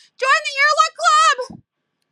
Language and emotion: English, sad